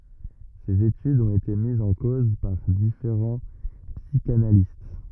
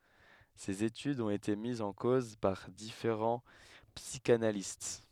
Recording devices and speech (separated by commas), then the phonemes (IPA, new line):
rigid in-ear microphone, headset microphone, read sentence
sez etydz ɔ̃t ete mizz ɑ̃ koz paʁ difeʁɑ̃ psikanalist